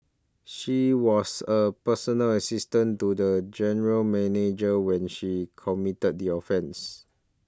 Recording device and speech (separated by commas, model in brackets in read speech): standing microphone (AKG C214), read sentence